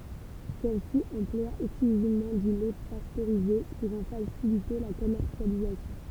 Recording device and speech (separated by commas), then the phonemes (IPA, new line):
temple vibration pickup, read sentence
sɛlsi ɑ̃plwa ɛksklyzivmɑ̃ dy lɛ pastøʁize puʁ ɑ̃ fasilite la kɔmɛʁsjalizasjɔ̃